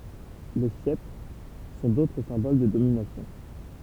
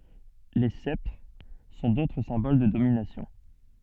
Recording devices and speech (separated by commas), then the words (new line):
temple vibration pickup, soft in-ear microphone, read sentence
Les sceptres sont d'autres symboles de domination.